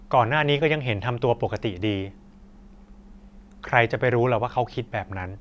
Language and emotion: Thai, neutral